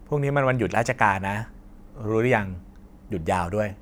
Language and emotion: Thai, neutral